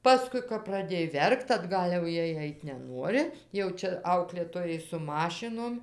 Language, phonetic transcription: Lithuanian, ˈpaskui kap praˈdėj ˈverkt atˈgal' jau ˈjiej ˈait' neˈnuori jau ˈčia ˈauklėtojai su ˈmašinom

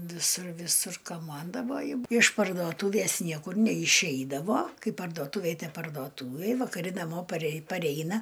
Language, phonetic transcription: Lithuanian, viˈsur viˈsur kaˈmandavoju iš pardoˈtūvės ˈniekur neiˈšeidavo ˈkai pardoˈtuvėj pardoˈtūvėj vakaˈri naˈmo parei paˈreina

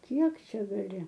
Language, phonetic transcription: Lithuanian, ˈkiek ˈčia gaˈli

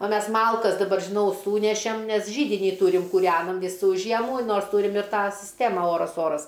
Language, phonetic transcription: Lithuanian, o ˈmes ˈmalkas ˈdabar ˈžinau ˈsūnešem nes ˈžydinį ˈtūrim kūˈrenam ˈvysų ˈžiemų ˈnors ˈtūrim ir ˈtą sisˈtema ˈoras ˈoras

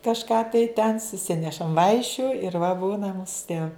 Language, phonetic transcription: Lithuanian, kažˈką tai ten suˈsinešam ˈvaišiu ir va ˈbūna ˈmūsu tie

